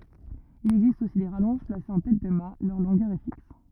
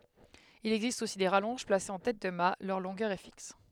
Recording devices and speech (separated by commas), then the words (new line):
rigid in-ear microphone, headset microphone, read sentence
Il existe aussi des rallonges placées en tête de mat, leur longueur est fixe.